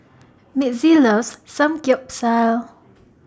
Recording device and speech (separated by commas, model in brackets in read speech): standing microphone (AKG C214), read sentence